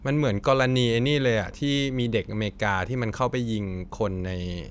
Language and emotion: Thai, neutral